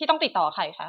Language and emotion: Thai, angry